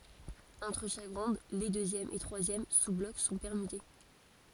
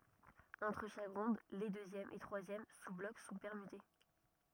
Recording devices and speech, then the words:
forehead accelerometer, rigid in-ear microphone, read sentence
Entre chaque ronde, les deuxième et troisième sous-blocs sont permutés.

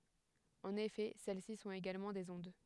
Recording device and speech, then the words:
headset microphone, read sentence
En effet, celles-ci sont également des ondes.

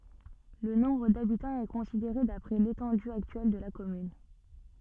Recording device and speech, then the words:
soft in-ear microphone, read sentence
Le nombre d'habitants est considéré d'après l'étendue actuelle de la commune.

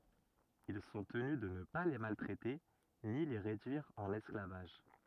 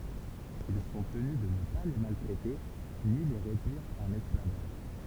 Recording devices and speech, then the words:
rigid in-ear microphone, temple vibration pickup, read sentence
Ils sont tenus de ne pas les maltraiter ni les réduire en esclavage.

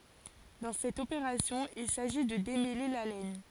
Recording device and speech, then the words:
forehead accelerometer, read sentence
Dans cette opération, il s'agit de démêler la laine.

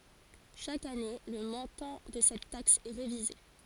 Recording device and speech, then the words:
forehead accelerometer, read sentence
Chaque année, le montant de cette taxe est révisé.

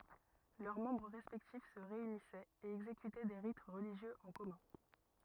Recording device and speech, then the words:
rigid in-ear microphone, read sentence
Leurs membres respectifs se réunissaient et exécutaient des rites religieux en commun.

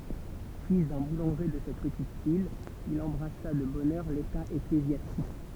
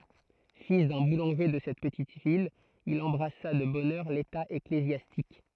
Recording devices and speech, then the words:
temple vibration pickup, throat microphone, read sentence
Fils d'un boulanger de cette petite ville, il embrassa de bonne heure l'état ecclésiastique.

